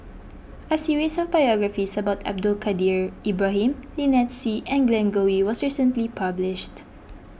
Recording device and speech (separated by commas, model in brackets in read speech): boundary microphone (BM630), read sentence